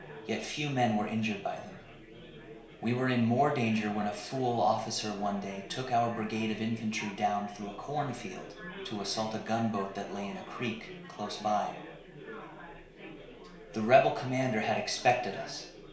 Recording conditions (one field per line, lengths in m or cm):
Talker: one person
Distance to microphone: 1.0 m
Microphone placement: close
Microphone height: 1.1 m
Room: small (3.7 m by 2.7 m)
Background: babble